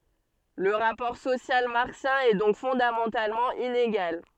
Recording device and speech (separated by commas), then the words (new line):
soft in-ear microphone, read sentence
Le rapport social marxien est donc fondamentalement inégal.